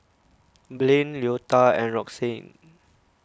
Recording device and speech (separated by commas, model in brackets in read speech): close-talking microphone (WH20), read sentence